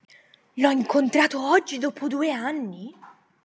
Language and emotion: Italian, surprised